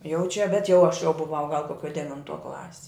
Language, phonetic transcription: Lithuanian, jau čia bet jau aš jau buˈvau gal koˈkio devinˈtuo ˈklasi

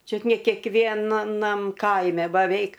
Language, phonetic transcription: Lithuanian, ˈčiut ne kekˈvienanam ˈkaime baˈveik

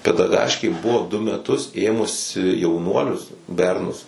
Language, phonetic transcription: Lithuanian, pedaˈgaškė ˈbuvo du meˈtus ˈėmusi jauˈnuolius ˈbernus

